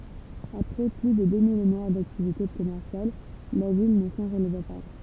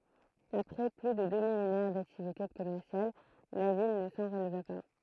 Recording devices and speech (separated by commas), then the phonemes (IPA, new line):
temple vibration pickup, throat microphone, read sentence
apʁɛ ply də dø milenɛʁ daktivite kɔmɛʁsjal la vil nə sɑ̃ ʁəlva pa